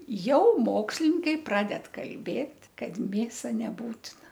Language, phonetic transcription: Lithuanian, ˈjau ˈmokslininkai ˈpraded kalˈbėt' ˈkad ˈmėsa neˈbūtina

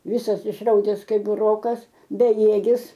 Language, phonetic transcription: Lithuanian, ˈvisas išˈraudes ˈkaip buˈrokas beˈjėgis

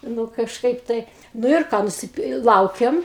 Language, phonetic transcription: Lithuanian, ˈnu kažˈkaip ˈtai nu ir ˈką nusiˈpi ˈlaukiam

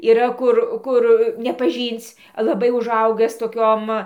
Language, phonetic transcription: Lithuanian, yˈra ˈkur ˈkur nepaˈžync laˈbai uˈžaugɨs toˈkiom

